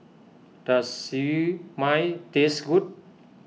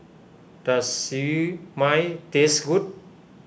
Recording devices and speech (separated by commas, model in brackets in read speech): mobile phone (iPhone 6), boundary microphone (BM630), read sentence